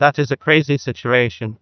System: TTS, neural waveform model